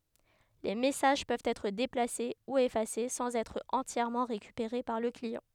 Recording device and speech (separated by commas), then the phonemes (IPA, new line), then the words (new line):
headset microphone, read sentence
le mɛsaʒ pøvt ɛtʁ deplase u efase sɑ̃z ɛtʁ ɑ̃tjɛʁmɑ̃ ʁekypeʁe paʁ lə kliɑ̃
Les messages peuvent être déplacés ou effacés sans être entièrement récupérés par le client.